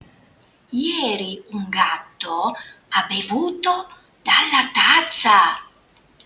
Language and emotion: Italian, surprised